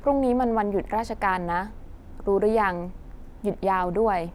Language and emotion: Thai, neutral